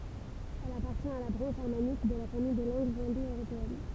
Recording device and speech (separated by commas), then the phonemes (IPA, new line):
temple vibration pickup, read sentence
ɛl apaʁtjɛ̃t a la bʁɑ̃ʃ ʒɛʁmanik də la famij de lɑ̃ɡz ɛ̃do øʁopeɛn